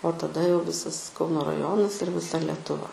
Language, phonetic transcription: Lithuanian, o taˈda jau ˈvisas ˈkauno raˈjonas ir viˈsa letuˈva

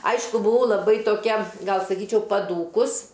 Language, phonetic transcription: Lithuanian, ˈaišku buˈvau laˈbai toˈkia ˈgal saˈkyčiau paˈdūkus

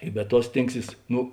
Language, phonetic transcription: Lithuanian, i be ˈtuo ˈstėngˌsys ˈnu

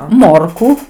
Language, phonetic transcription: Lithuanian, ˈmorku

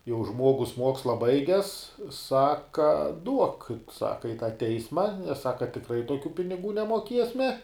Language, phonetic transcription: Lithuanian, jau ˈžmuogus ˈmuoksla ˈbaiges ˈsaka duok ˈsaka i tą ˈteisma nes ˈsaka tikˈrai toˈkių piniˈgų nemoˈkiesme

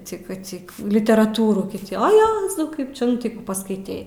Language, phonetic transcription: Lithuanian, ˈcika ˈcik literaˈtūrų ti o ˈjezau ˈkaip čia ˈnu tai ˈkų paskaiˈtei

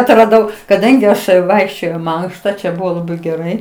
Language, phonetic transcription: Lithuanian, atraˈdau kaˈdangi ˈaš ˈvaikščiojau į ˈmankšta čia ˈbuvo laˈbai geˈrai

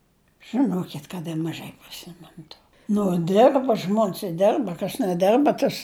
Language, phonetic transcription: Lithuanian, žɨnokit kad ir maˈžai priˈsimenu to ˈnu ˈdirba ˈžmon's i ˈdirba kas neˈdirba ˈtas

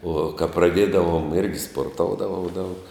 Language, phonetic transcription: Lithuanian, o ka praˈdėdavom irgi sporˈtoudavau daug

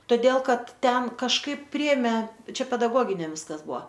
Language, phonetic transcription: Lithuanian, toˈdėl ˈkad ˈten kažˈkaip ˈpriėmė ˈčia pedaˈgoginiam ˈviskas ˈbua

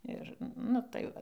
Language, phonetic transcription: Lithuanian, ˈir nu tai ˈva

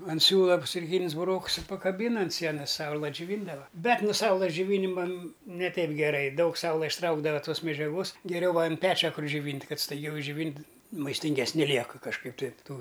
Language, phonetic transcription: Lithuanian, an ˈsiūla cukˈrynis buˈroks i pakaˈbyn an ˈsienas ˈsaula džiuˈvyndava ˈbet no ˈsaulɘs džiuˈvynima ne ˈteip geˈrai ˈdaug ˈsaula išˈtraukdava ˈtos medžiaˈgos geˈriau va an ˈpečia ˈkur džiuˈvynt' ˈkad staiˈgiau išˈdžiuvynt' maistingesˈni ˈliekɨ kažˈkaip ˈtai ˈtų

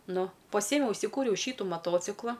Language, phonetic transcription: Lithuanian, ˈnu paˈsiemiau užsiˈkūriau ˈšytu maˈtocikla

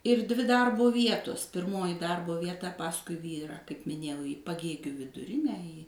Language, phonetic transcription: Lithuanian, ir dvi ˈdarbu ˈvietus pirˈmoji ˈdarbu vieˈta ˈpaskui ˈvyrą kaip miˈnėjau į paˈgėgių viduˈrinę į

